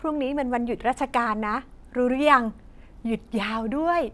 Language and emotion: Thai, happy